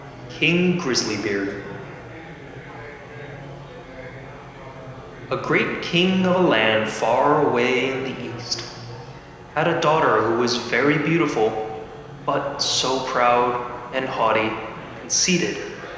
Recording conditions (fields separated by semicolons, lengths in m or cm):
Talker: one person; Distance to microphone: 1.7 m; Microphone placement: close; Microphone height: 1.0 m; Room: very reverberant, large; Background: babble